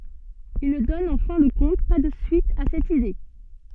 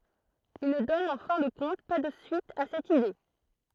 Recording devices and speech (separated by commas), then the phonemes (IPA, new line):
soft in-ear microphone, throat microphone, read sentence
il nə dɔn ɑ̃ fɛ̃ də kɔ̃t pa də syit a sɛt ide